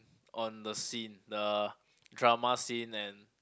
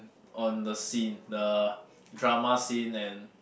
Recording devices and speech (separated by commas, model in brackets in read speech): close-talking microphone, boundary microphone, conversation in the same room